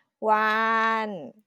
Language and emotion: Thai, happy